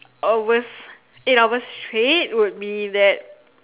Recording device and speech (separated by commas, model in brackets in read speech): telephone, conversation in separate rooms